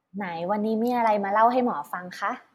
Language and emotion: Thai, happy